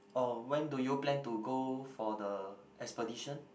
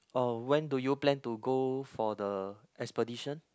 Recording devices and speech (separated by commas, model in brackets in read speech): boundary microphone, close-talking microphone, conversation in the same room